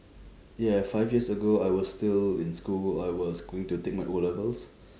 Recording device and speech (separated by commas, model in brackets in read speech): standing microphone, conversation in separate rooms